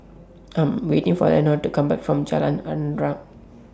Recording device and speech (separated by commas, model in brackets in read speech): standing microphone (AKG C214), read sentence